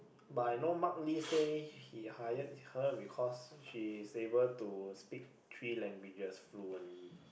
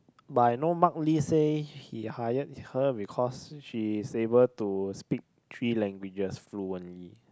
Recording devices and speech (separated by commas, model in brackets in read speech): boundary microphone, close-talking microphone, conversation in the same room